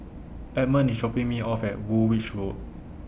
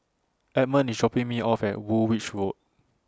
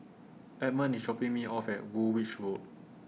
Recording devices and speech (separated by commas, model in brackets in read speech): boundary microphone (BM630), standing microphone (AKG C214), mobile phone (iPhone 6), read sentence